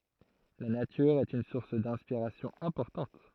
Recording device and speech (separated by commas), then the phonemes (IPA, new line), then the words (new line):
throat microphone, read sentence
la natyʁ ɛt yn suʁs dɛ̃spiʁasjɔ̃ ɛ̃pɔʁtɑ̃t
La nature est une source d'inspiration importante.